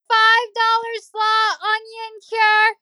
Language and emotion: English, neutral